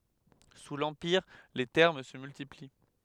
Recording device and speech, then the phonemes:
headset microphone, read sentence
su lɑ̃piʁ le tɛʁm sə myltipli

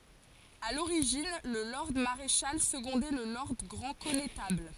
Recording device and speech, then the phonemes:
forehead accelerometer, read sentence
a loʁiʒin lə lɔʁd maʁeʃal səɡɔ̃dɛ lə lɔʁd ɡʁɑ̃ kɔnetabl

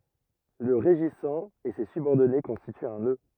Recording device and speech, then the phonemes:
rigid in-ear microphone, read sentence
lə ʁeʒisɑ̃ e se sybɔʁdɔne kɔ̃stityt œ̃ nø

